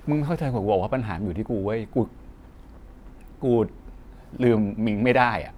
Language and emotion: Thai, sad